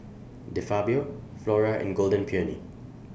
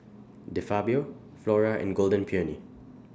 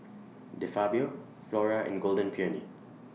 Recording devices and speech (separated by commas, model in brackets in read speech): boundary microphone (BM630), standing microphone (AKG C214), mobile phone (iPhone 6), read sentence